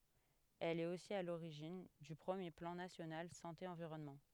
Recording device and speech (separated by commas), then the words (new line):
headset microphone, read sentence
Elle est aussi à l'origine du premier Plan national Santé Environnement.